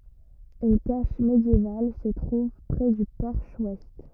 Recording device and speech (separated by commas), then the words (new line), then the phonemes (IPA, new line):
rigid in-ear microphone, read sentence
Une cache médiévale se trouve près du porche ouest.
yn kaʃ medjeval sə tʁuv pʁɛ dy pɔʁʃ wɛst